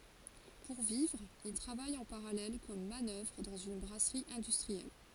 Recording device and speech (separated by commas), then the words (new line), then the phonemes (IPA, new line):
forehead accelerometer, read sentence
Pour vivre, il travaille en parallèle comme manœuvre dans une brasserie industrielle.
puʁ vivʁ il tʁavaj ɑ̃ paʁalɛl kɔm manœvʁ dɑ̃z yn bʁasʁi ɛ̃dystʁiɛl